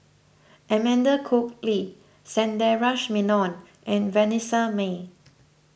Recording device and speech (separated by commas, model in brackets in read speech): boundary microphone (BM630), read sentence